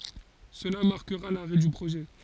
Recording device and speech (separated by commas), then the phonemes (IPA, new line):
forehead accelerometer, read sentence
səla maʁkəʁa laʁɛ dy pʁoʒɛ